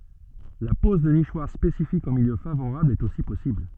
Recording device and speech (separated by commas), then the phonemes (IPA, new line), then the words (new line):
soft in-ear microphone, read sentence
la pɔz də niʃwaʁ spesifikz ɑ̃ miljø favoʁabl ɛt osi pɔsibl
La pose de nichoirs spécifiques en milieu favorable est aussi possible.